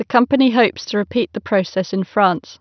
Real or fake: real